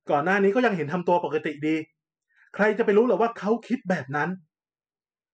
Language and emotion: Thai, frustrated